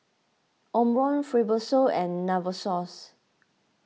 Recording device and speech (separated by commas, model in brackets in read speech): mobile phone (iPhone 6), read sentence